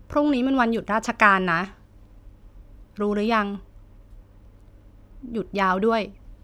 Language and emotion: Thai, neutral